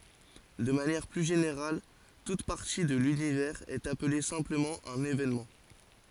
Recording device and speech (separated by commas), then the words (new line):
forehead accelerometer, read sentence
De manière plus générale, toute partie de l'univers est appelée simplement un événement.